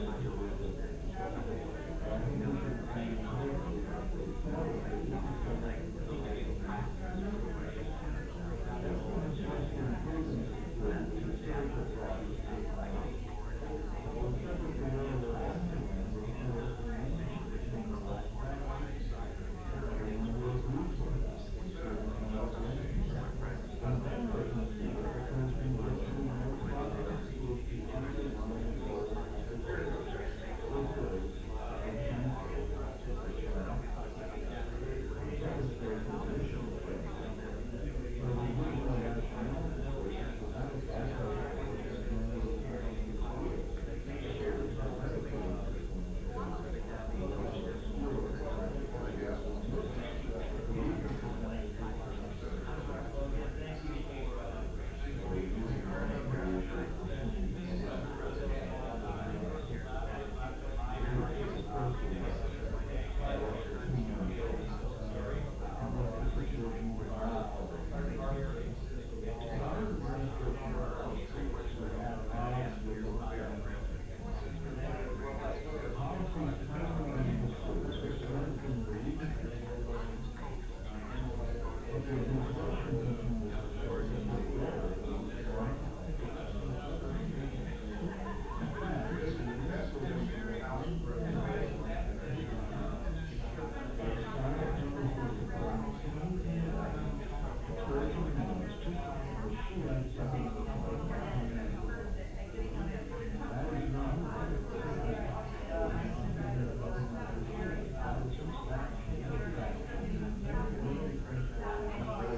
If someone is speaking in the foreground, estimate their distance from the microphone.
No main talker.